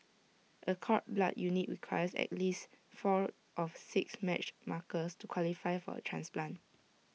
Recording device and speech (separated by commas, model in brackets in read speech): mobile phone (iPhone 6), read sentence